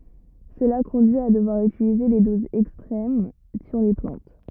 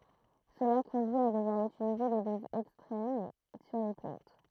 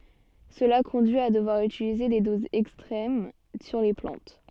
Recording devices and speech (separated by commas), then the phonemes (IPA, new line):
rigid in-ear microphone, throat microphone, soft in-ear microphone, read sentence
səla kɔ̃dyi a dəvwaʁ ytilize de dozz ɛkstʁɛm syʁ le plɑ̃t